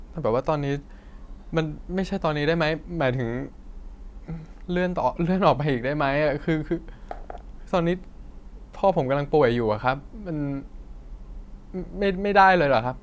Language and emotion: Thai, sad